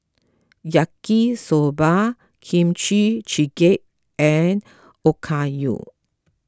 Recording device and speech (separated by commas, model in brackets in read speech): close-talking microphone (WH20), read sentence